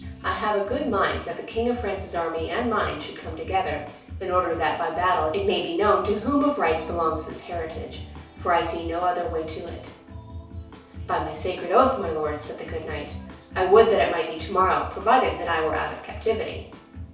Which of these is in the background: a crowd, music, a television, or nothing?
Music.